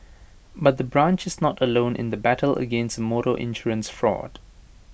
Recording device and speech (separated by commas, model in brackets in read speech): boundary microphone (BM630), read sentence